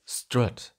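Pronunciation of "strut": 'Strut' is said with a schwa as its vowel.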